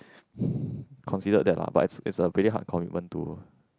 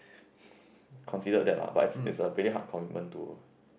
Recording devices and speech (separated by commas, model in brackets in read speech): close-talking microphone, boundary microphone, conversation in the same room